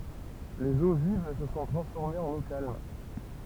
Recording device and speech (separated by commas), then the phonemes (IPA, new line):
temple vibration pickup, read sentence
lez o viv sə sɔ̃ tʁɑ̃sfɔʁmez ɑ̃n o kalm